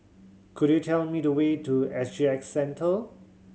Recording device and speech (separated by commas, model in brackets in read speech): mobile phone (Samsung C7100), read sentence